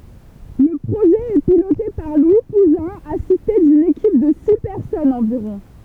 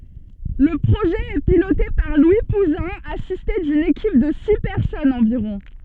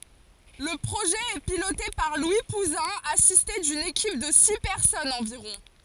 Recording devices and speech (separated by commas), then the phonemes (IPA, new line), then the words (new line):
temple vibration pickup, soft in-ear microphone, forehead accelerometer, read sentence
lə pʁoʒɛ ɛ pilote paʁ lwi puzɛ̃ asiste dyn ekip də si pɛʁsɔnz ɑ̃viʁɔ̃
Le projet est piloté par Louis Pouzin, assisté d'une équipe de six personnes environ.